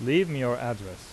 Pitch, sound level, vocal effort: 120 Hz, 87 dB SPL, loud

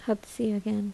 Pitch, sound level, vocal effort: 215 Hz, 75 dB SPL, soft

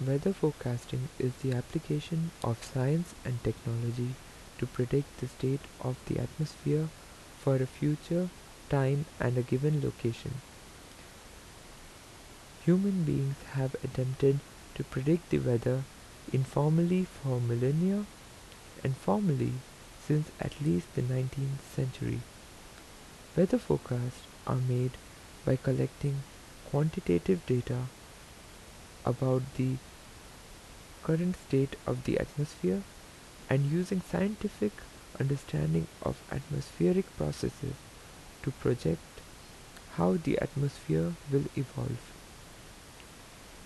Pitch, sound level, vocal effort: 135 Hz, 77 dB SPL, soft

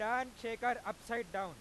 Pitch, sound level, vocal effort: 230 Hz, 105 dB SPL, very loud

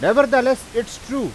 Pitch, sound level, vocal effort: 260 Hz, 99 dB SPL, very loud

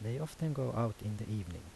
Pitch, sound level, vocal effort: 110 Hz, 78 dB SPL, soft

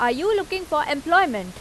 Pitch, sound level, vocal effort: 305 Hz, 91 dB SPL, loud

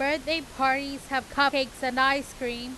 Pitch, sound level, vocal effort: 270 Hz, 96 dB SPL, very loud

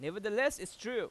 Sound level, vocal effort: 97 dB SPL, very loud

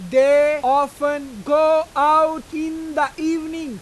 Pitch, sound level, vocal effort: 295 Hz, 102 dB SPL, very loud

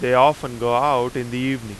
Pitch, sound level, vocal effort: 125 Hz, 95 dB SPL, very loud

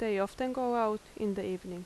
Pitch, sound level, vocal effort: 210 Hz, 83 dB SPL, normal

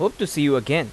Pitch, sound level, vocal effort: 150 Hz, 89 dB SPL, loud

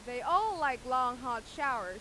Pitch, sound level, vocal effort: 255 Hz, 98 dB SPL, very loud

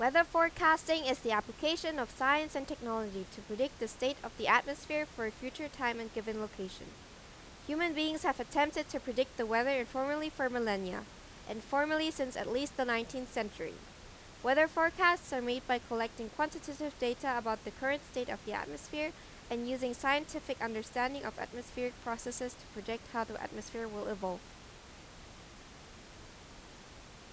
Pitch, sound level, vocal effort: 255 Hz, 89 dB SPL, loud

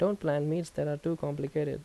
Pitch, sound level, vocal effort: 150 Hz, 81 dB SPL, normal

